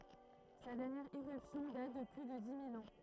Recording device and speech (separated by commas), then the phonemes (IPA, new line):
throat microphone, read sentence
sa dɛʁnjɛʁ eʁypsjɔ̃ dat də ply də di mil ɑ̃